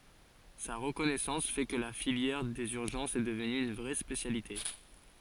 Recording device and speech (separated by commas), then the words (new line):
forehead accelerometer, read sentence
Sa reconnaissance fait que la filière des urgences est devenue une vraie spécialité.